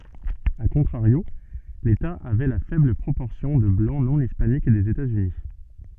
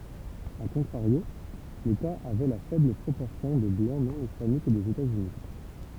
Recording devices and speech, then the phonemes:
soft in-ear microphone, temple vibration pickup, read sentence
a kɔ̃tʁaʁjo leta avɛ la fɛbl pʁopɔʁsjɔ̃ də blɑ̃ nɔ̃ ispanik dez etazyni

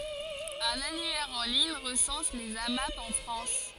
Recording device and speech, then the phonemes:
forehead accelerometer, read sentence
œ̃n anyɛʁ ɑ̃ liɲ ʁəsɑ̃s lez amap ɑ̃ fʁɑ̃s

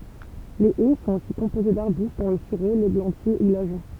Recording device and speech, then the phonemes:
temple vibration pickup, read sentence
le ɛ sɔ̃t osi kɔ̃poze daʁbyst dɔ̃ lə syʁo leɡlɑ̃tje u laʒɔ̃

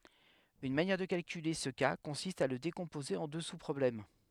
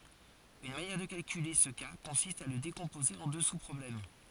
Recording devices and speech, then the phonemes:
headset microphone, forehead accelerometer, read sentence
yn manjɛʁ də kalkyle sə ka kɔ̃sist a lə dekɔ̃poze ɑ̃ dø suspʁɔblɛm

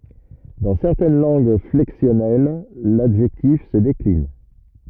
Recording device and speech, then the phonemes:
rigid in-ear microphone, read sentence
dɑ̃ sɛʁtɛn lɑ̃ɡ flɛksjɔnɛl ladʒɛktif sə deklin

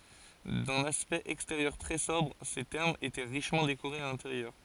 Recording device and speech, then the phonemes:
forehead accelerometer, read sentence
dœ̃n aspɛkt ɛksteʁjœʁ tʁɛ sɔbʁ se tɛʁmz etɛ ʁiʃmɑ̃ dekoʁez a lɛ̃teʁjœʁ

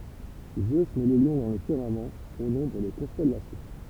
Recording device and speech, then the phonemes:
temple vibration pickup, read sentence
zø mɛ lə ljɔ̃ dɑ̃ lə fiʁmamɑ̃ o nɔ̃bʁ de kɔ̃stɛlasjɔ̃

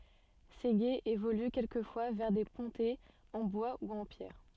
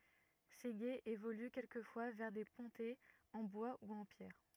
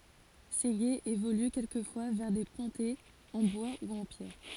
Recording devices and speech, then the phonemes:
soft in-ear microphone, rigid in-ear microphone, forehead accelerometer, read sentence
se ɡez evoly kɛlkəfwa vɛʁ de pɔ̃tɛz ɑ̃ bwa u ɑ̃ pjɛʁ

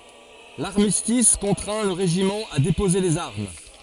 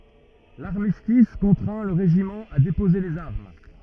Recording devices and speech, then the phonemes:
forehead accelerometer, rigid in-ear microphone, read sentence
laʁmistis kɔ̃tʁɛ̃ lə ʁeʒimɑ̃ a depoze lez aʁm

